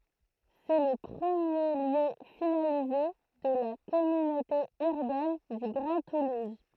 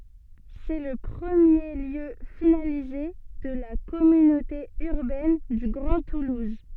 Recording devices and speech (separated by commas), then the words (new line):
throat microphone, soft in-ear microphone, read sentence
C'est le premier lieu finalisé de la Communauté Urbaine du Grand Toulouse.